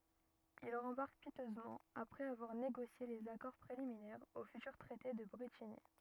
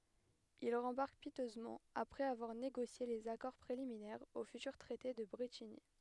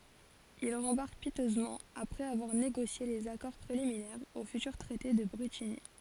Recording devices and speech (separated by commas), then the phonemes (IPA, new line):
rigid in-ear microphone, headset microphone, forehead accelerometer, read sentence
il ʁɑ̃baʁk pitøzmɑ̃ apʁɛz avwaʁ neɡosje lez akɔʁ pʁeliminɛʁz o fytyʁ tʁɛte də bʁetiɲi